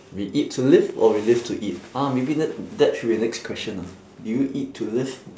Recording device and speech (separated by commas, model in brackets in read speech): standing microphone, conversation in separate rooms